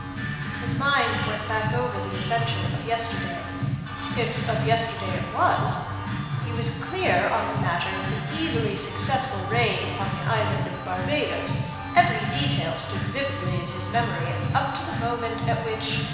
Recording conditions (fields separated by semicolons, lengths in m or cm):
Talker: one person; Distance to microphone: 1.7 m; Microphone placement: close; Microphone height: 1.0 m; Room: very reverberant, large; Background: music